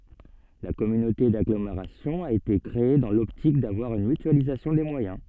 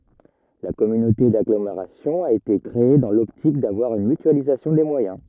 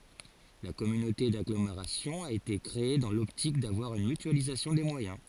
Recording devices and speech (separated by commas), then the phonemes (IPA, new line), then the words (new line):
soft in-ear microphone, rigid in-ear microphone, forehead accelerometer, read sentence
la kɔmynote daɡlomeʁasjɔ̃ a ete kʁee dɑ̃ lɔptik davwaʁ yn mytyalizasjɔ̃ de mwajɛ̃
La communauté d’agglomération a été créée dans l’optique d’avoir une mutualisation des moyens.